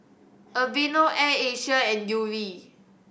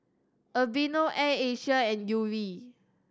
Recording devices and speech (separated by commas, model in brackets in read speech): boundary microphone (BM630), standing microphone (AKG C214), read sentence